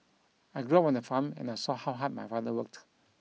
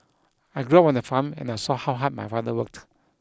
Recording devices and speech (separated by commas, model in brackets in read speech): mobile phone (iPhone 6), close-talking microphone (WH20), read sentence